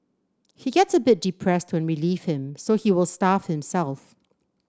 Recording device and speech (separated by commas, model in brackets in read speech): standing microphone (AKG C214), read sentence